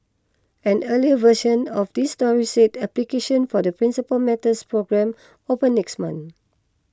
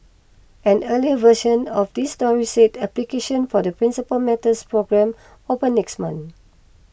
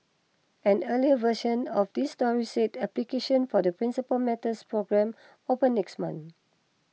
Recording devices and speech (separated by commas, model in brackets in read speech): close-talking microphone (WH20), boundary microphone (BM630), mobile phone (iPhone 6), read sentence